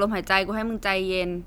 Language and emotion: Thai, frustrated